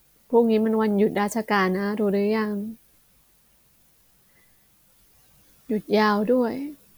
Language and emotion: Thai, neutral